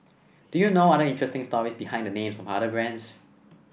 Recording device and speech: boundary microphone (BM630), read sentence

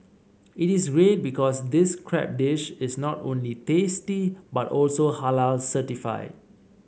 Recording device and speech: mobile phone (Samsung C7), read sentence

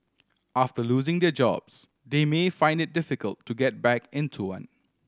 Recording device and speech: standing microphone (AKG C214), read sentence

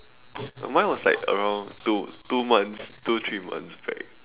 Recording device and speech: telephone, conversation in separate rooms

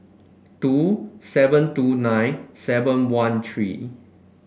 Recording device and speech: boundary microphone (BM630), read sentence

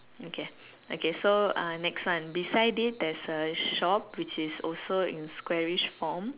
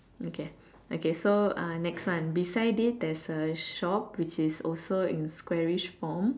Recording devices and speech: telephone, standing microphone, conversation in separate rooms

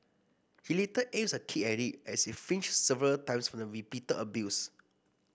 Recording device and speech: boundary microphone (BM630), read sentence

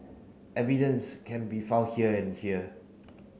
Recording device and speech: mobile phone (Samsung C9), read sentence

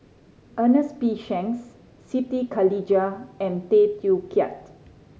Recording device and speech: mobile phone (Samsung C5010), read sentence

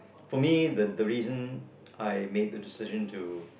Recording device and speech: boundary microphone, conversation in the same room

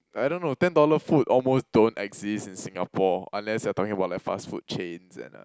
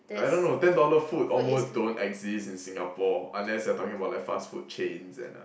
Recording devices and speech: close-talking microphone, boundary microphone, conversation in the same room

